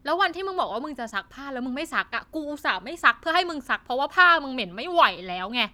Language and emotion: Thai, frustrated